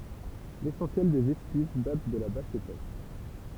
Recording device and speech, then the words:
temple vibration pickup, read sentence
L'essentiel des vestiges date de la Basse époque.

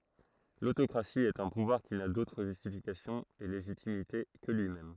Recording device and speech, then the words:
throat microphone, read sentence
L'autocratie est un pouvoir qui n'a d'autre justification et légitimité que lui-même.

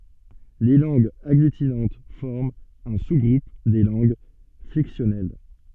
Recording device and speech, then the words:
soft in-ear microphone, read sentence
Les langues agglutinantes forment un sous-groupe des langues flexionnelles.

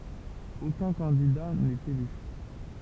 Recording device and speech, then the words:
temple vibration pickup, read sentence
Aucun candidat n'est élu.

